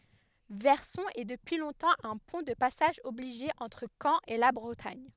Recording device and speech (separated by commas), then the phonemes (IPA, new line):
headset microphone, read sentence
vɛʁsɔ̃ ɛ dəpyi lɔ̃tɑ̃ œ̃ pwɛ̃ də pasaʒ ɔbliʒe ɑ̃tʁ kɑ̃ e la bʁətaɲ